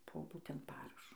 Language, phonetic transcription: Lithuanian, po ˈbūtent ˈparašo

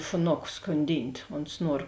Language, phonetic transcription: Lithuanian, šuˈnoku skonˈdynt' ons ˈnuor

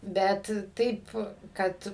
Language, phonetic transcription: Lithuanian, ˈbet ˈtaip ˈkad

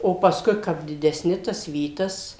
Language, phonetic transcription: Lithuanian, o pasˈkui ˈkap dideˈsni tas ˈvytas

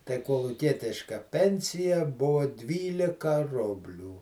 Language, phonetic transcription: Lithuanian, tai koluˈkietiška ˈpensija ˈbuvo ˈdvylika ˈrublių

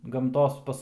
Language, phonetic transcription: Lithuanian, gamˈtos ˈpas

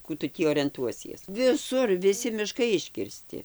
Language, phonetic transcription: Lithuanian, ˈkų tu tį orenˈtuosies viˈsur viˈsi miˈškai iškirˈsti

